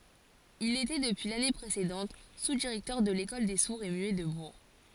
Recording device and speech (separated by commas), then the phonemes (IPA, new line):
forehead accelerometer, read sentence
il etɛ dəpyi lane pʁesedɑ̃t suzdiʁɛktœʁ də lekɔl de suʁz e myɛ də buʁ